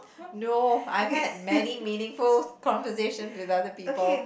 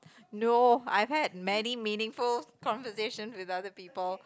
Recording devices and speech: boundary microphone, close-talking microphone, conversation in the same room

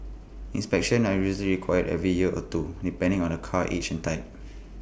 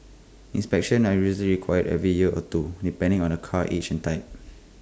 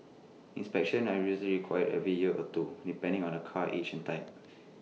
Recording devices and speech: boundary microphone (BM630), close-talking microphone (WH20), mobile phone (iPhone 6), read sentence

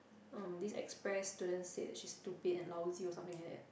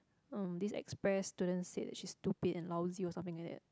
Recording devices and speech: boundary microphone, close-talking microphone, conversation in the same room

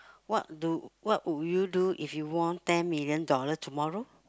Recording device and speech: close-talking microphone, conversation in the same room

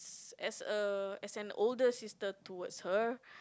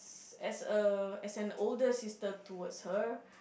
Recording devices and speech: close-talking microphone, boundary microphone, conversation in the same room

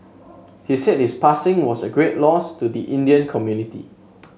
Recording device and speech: mobile phone (Samsung S8), read sentence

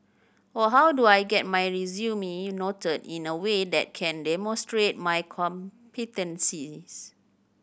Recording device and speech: boundary microphone (BM630), read sentence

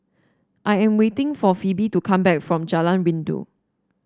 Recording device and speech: standing microphone (AKG C214), read sentence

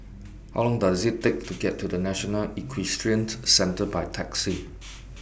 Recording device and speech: boundary microphone (BM630), read sentence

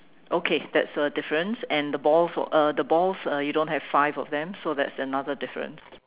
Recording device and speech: telephone, conversation in separate rooms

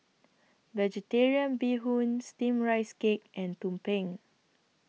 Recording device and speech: mobile phone (iPhone 6), read sentence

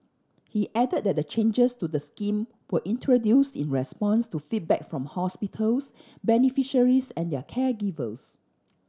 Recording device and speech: standing microphone (AKG C214), read sentence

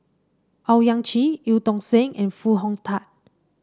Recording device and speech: standing microphone (AKG C214), read sentence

